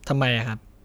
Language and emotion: Thai, frustrated